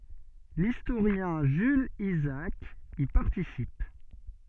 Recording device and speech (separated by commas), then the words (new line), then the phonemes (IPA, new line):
soft in-ear microphone, read sentence
L'historien Jules Isaac y participe.
listoʁjɛ̃ ʒylz izaak i paʁtisip